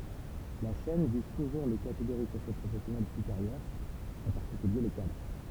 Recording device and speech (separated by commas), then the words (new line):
temple vibration pickup, read sentence
La chaîne vise toujours les catégories socio-professionnelles supérieures, en particulier les cadres.